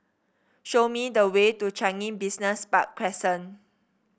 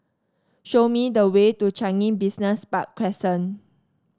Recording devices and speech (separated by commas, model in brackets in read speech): boundary microphone (BM630), standing microphone (AKG C214), read sentence